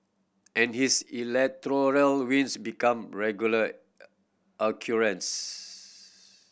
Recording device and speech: boundary microphone (BM630), read sentence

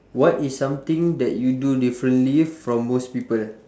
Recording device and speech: standing microphone, conversation in separate rooms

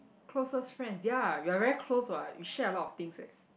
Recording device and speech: boundary microphone, conversation in the same room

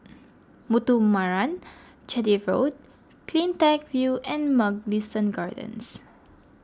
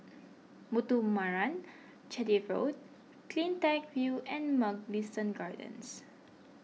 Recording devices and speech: close-talking microphone (WH20), mobile phone (iPhone 6), read sentence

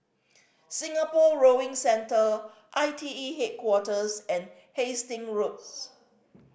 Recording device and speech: boundary microphone (BM630), read sentence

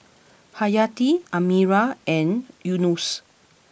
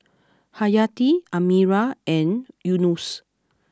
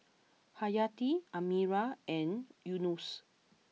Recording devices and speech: boundary microphone (BM630), close-talking microphone (WH20), mobile phone (iPhone 6), read sentence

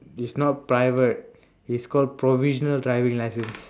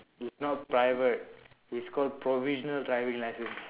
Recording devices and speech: standing microphone, telephone, conversation in separate rooms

